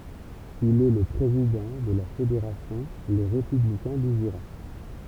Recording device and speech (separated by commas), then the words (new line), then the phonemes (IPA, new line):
temple vibration pickup, read sentence
Il est le président de la fédération Les Républicains du Jura.
il ɛ lə pʁezidɑ̃ də la fedeʁasjɔ̃ le ʁepyblikɛ̃ dy ʒyʁa